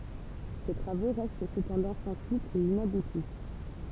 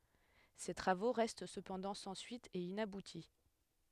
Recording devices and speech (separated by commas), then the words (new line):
temple vibration pickup, headset microphone, read sentence
Ses travaux restent cependant sans suite et inaboutis.